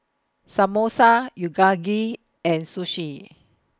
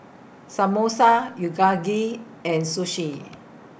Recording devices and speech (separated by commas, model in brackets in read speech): close-talking microphone (WH20), boundary microphone (BM630), read sentence